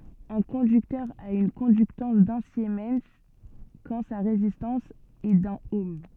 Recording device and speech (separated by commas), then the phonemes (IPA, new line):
soft in-ear microphone, read sentence
œ̃ kɔ̃dyktœʁ a yn kɔ̃dyktɑ̃s dœ̃ simɛn kɑ̃ sa ʁezistɑ̃s ɛ dœ̃n ɔm